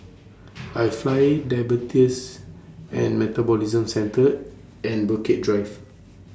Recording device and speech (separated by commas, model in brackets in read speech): standing microphone (AKG C214), read sentence